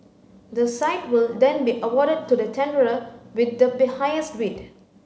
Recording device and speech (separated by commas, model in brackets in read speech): mobile phone (Samsung C9), read sentence